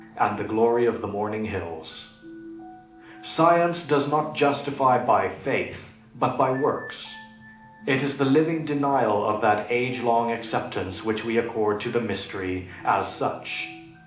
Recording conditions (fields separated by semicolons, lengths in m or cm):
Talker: one person; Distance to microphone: 2.0 m; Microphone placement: close; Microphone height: 99 cm; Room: medium-sized (5.7 m by 4.0 m); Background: music